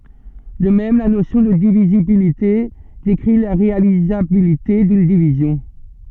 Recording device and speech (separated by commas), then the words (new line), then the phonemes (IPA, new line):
soft in-ear microphone, read sentence
De même, la notion de divisibilité décrit la réalisabilité d’une division.
də mɛm la nosjɔ̃ də divizibilite dekʁi la ʁealizabilite dyn divizjɔ̃